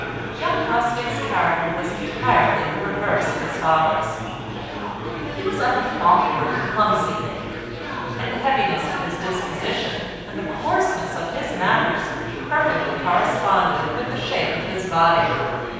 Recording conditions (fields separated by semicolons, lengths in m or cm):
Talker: one person; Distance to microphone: 7.1 m; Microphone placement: far; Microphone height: 1.7 m; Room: very reverberant, large; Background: babble